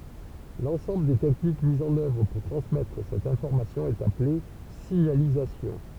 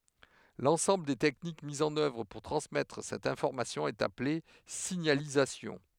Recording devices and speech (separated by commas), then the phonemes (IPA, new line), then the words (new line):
temple vibration pickup, headset microphone, read sentence
lɑ̃sɑ̃bl de tɛknik mizz ɑ̃n œvʁ puʁ tʁɑ̃smɛtʁ sɛt ɛ̃fɔʁmasjɔ̃ ɛt aple siɲalizasjɔ̃
L'ensemble des techniques mises en œuvre pour transmettre cette information est appelée signalisation.